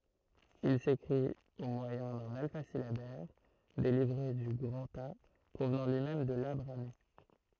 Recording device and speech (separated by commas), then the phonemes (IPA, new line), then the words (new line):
throat microphone, read sentence
il sekʁit o mwajɛ̃ dœ̃n alfazilabɛʁ deʁive dy ɡʁɑ̃ta pʁovnɑ̃ lyi mɛm də la bʁami
Il s'écrit au moyen d'un alphasyllabaire dérivé du grantha, provenant lui-même de la brahmi.